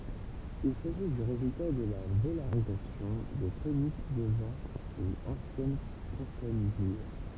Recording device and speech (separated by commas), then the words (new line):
temple vibration pickup, read sentence
Il s'agit du résultat de la vélarisation de tonique devant une ancienne consonne dure.